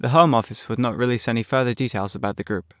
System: none